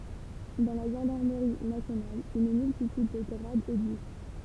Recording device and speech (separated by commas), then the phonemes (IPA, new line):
temple vibration pickup, read sentence
dɑ̃ la ʒɑ̃daʁməʁi nasjonal yn myltityd də ɡʁadz ɛɡzist